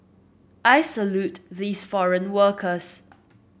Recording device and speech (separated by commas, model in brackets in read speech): boundary microphone (BM630), read sentence